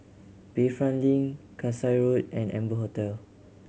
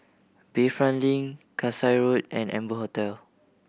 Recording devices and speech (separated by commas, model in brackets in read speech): mobile phone (Samsung C7100), boundary microphone (BM630), read sentence